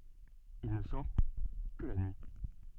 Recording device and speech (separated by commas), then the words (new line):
soft in-ear microphone, read sentence
Il ne sort que la nuit.